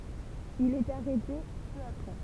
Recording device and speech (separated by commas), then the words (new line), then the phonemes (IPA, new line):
temple vibration pickup, read sentence
Il est arrêté peu après.
il ɛt aʁɛte pø apʁɛ